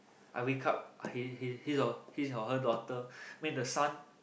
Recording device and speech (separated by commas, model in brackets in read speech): boundary microphone, conversation in the same room